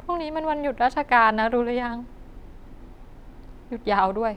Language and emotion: Thai, sad